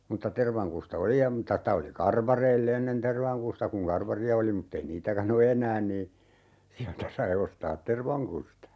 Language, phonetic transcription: Finnish, mutta 'tervaŋkusta "oli ja mᵘtta 'sta oli "karvareil'l ‿ennen 'tervaŋkusta kuŋ 'karvari₍a oli muttei 'niitäkän ‿o "eǹään nii , 'siältä sai 'ostaat "tervaŋkusta .
- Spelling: mutta tervankusta oli ja mutta sitä oli karvareilla ennen tervankusta kun karvaria oli mutta ei niitäkään ole enää niin sieltä sai ostaa tervankusta

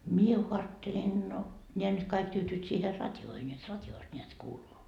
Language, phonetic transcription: Finnish, "mie ko 'aattelen no , 'ńeä nyt 'kaik 'tyytyyt siiher "rat́joohen jot 'rat́joost 'ńeät kuuluu .
- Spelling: minä kun ajattelen no nämä nyt kaikki tyytyvät siihen radioon jotta radiosta näet kuuluu

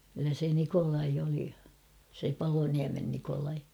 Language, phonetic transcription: Finnish, kyllä se 'Nikolai oli , se "Paloniämen Nikolai .
- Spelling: kyllä se Nikolai oli se Paloniemen Nikolai

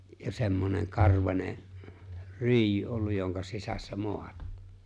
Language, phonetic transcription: Finnish, ja 'se̬mmoneŋ̬ 'karvańe , "ryijy olluj joŋka 'sisässä "moa(ta) .
- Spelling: ja semmoinen karvainen ryijy ollut jonka sisässä maata

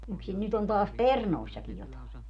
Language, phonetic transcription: Finnish, yksin 'nyt ‿on taas "pernòissakij jotàe .
- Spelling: yksin nyt on taas perunoissakin jotakin

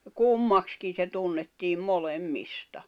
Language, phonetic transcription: Finnish, 'kummakskin̬ se 'tunnettiim 'molem'mista .
- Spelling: kummaksikin se tunnettiin molemmista

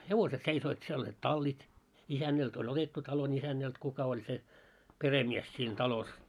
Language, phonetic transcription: Finnish, 'hevoset seisoit siel oĺĺiit "tallit , 'isännält oĺ 'otettu 'taio'n ‿isännält 'kuka oĺ se , "peremies siin 'talos .
- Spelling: hevoset seisoivat siellä olivat tallit isännältä oli otettu talon isännältä kuka oli se perhemies siinä talossa

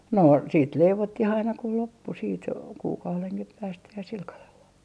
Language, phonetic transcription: Finnish, 'no , 'siit "leivottih aina ku 'loppu 'siit , kuukauleŋkih päästä ja sil kalel vaa .
- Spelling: no sitten leivottiin aina kun loppui sitten kuukaudenkin päästä ja sillä kalella vain

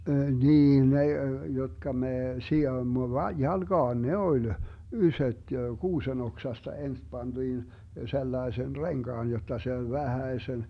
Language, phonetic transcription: Finnish, 'niin ne , 'jotka mee , sijoimmo va - 'jalGaan "ne oĺ , 'ysöt , 'kuusen ‿oksasta 'ens 'panDiin , 'sellaesen "reŋGaan jot̆ta se oĺ 'vähäesen ,.
- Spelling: niin ne jotka me sidoimme - jalkaan ne oli isot kuusen oksasta ensin pantiin sellaisen renkaan jotta se oli vähäsen

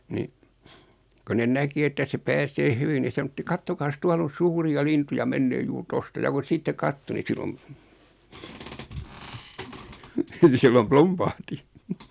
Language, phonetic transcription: Finnish, ni , ko 'nen "näki että se 'pääsee "hyvi ni sanotti » 'kattokaas "tual ‿on̬ 'suuri₍a 'lintuja 'mennee 'juur "tosta « ja kun̬ 'sitte "katto ni 'silom , ni 'sillom "plumpahti .
- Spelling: niin kun ne näki että se pääsee hyvin niin sanottiin katsokaas tuolla on suuria lintuja menee juuri tuosta ja kun sitten katsoi niin silloin niin silloin plumpahti

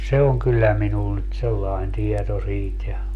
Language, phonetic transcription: Finnish, "se oŋ kyllä 'minun nyt 'sellaen 'tieto 'siit ja ,.
- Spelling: se on kyllä minun nyt sellainen tieto siitä ja

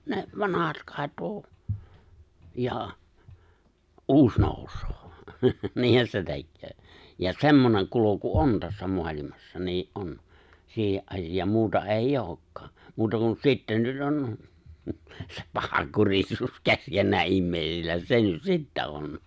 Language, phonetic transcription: Finnish, ne , 'vanahat ('kat̆to) , ja , '’uus 'nòus̀oo , 'niihän se 'tekköö , ja 'semmoneŋ kulo̭ku "on tässä 'mo̭alimassa , nii’ '’on , 'siihe’ ’asijaam 'muuta eij'j ‿ookkaa , 'muuta kun 'sitten̆ nyt '’on , se 'pahaŋkurisuus 'keskennää '’immèi̬sillä 'se nyt "sittä 'on .
- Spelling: ne vanhat katoaa ja uusi nousee niinhän se tekee ja semmoinen kulku on tässä maailmassa niin on siihen asiaan muuta ei olekaan muuta kuin sitten nyt on se pahankurisuus keskenään ihmisillä se nyt sitten on

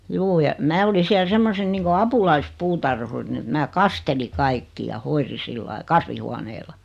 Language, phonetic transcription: Finnish, 'juu ja , 'mää oli siäl 'semmosen niiŋko "apulais"puutarhurin ᵉt 'mää "kasteli 'kaikki ja 'hoiri 'sillai "kasvihuaneela .
- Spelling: juu ja minä olin siellä semmoisena niin kuin apulaispuutarhurina että minä kastelin kaikki ja hoidin sillä lailla kasvihuoneella

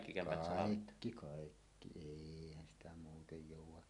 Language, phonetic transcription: Finnish, kàikki 'kàikki , "èihän sitä 'muutej 'jòuw̆wa .
- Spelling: kaikki kaikki eihän sitä muuten jouda

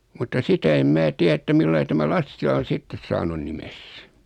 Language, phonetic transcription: Finnish, mutta 'sitä em 'mää 'tiä että 'millai tämä "Lassila on̬ 'sittes saanun "nimes .
- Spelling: mutta sitä en minä tiedä että millä lailla tämä Lassila on sitten saanut nimensä

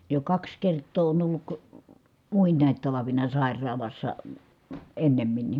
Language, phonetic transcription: Finnish, jo kaks kert̆too on olluk , muin̆nàit talavina sài̮r̀aalassa , ennemminni .
- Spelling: jo kaksi kertaa on ollut muinakin talvina sairaalassa ennemminkin

